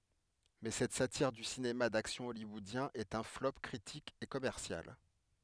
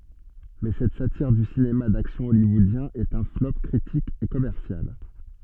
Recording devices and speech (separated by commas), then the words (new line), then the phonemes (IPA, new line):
headset microphone, soft in-ear microphone, read sentence
Mais cette satire du cinéma d'action hollywoodien est un flop critique et commercial.
mɛ sɛt satiʁ dy sinema daksjɔ̃ ɔljwɔodjɛ̃ ɛt œ̃ flɔp kʁitik e kɔmɛʁsjal